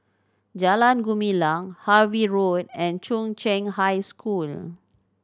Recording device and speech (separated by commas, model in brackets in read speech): standing microphone (AKG C214), read sentence